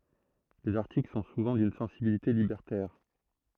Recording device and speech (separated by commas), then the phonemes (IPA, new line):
throat microphone, read sentence
lez aʁtikl sɔ̃ suvɑ̃ dyn sɑ̃sibilite libɛʁtɛʁ